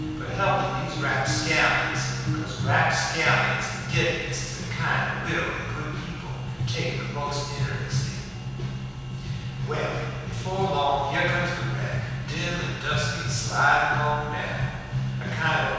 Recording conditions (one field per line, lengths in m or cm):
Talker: one person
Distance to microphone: 7.1 m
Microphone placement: far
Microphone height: 1.7 m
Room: very reverberant, large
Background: music